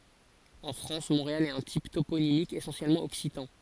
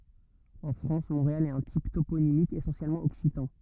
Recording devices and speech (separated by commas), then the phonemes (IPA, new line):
forehead accelerometer, rigid in-ear microphone, read sentence
ɑ̃ fʁɑ̃s mɔ̃ʁeal ɛt œ̃ tip toponimik esɑ̃sjɛlmɑ̃ ɔksitɑ̃